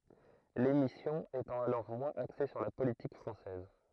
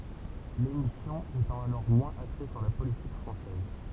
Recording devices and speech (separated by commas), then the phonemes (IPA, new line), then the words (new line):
throat microphone, temple vibration pickup, read sentence
lemisjɔ̃ etɑ̃ alɔʁ mwɛ̃z akse syʁ la politik fʁɑ̃sɛz
L'émission étant alors moins axée sur la politique française.